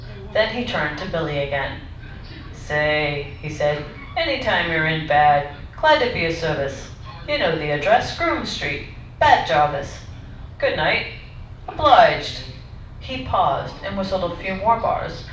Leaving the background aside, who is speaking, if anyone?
One person.